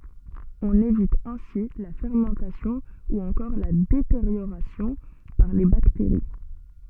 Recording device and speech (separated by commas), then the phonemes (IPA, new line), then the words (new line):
soft in-ear microphone, read sentence
ɔ̃n evit ɛ̃si la fɛʁmɑ̃tasjɔ̃ u ɑ̃kɔʁ la deteʁjoʁasjɔ̃ paʁ le bakteʁi
On évite ainsi la fermentation ou encore la détérioration par les bactéries.